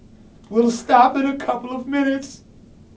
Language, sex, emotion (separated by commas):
English, male, sad